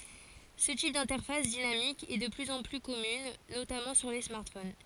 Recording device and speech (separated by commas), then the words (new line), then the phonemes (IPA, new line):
forehead accelerometer, read sentence
Ce type d'interface dynamique est de plus en plus commune, notamment sur les smartphones.
sə tip dɛ̃tɛʁfas dinamik ɛ də plyz ɑ̃ ply kɔmyn notamɑ̃ syʁ le smaʁtfon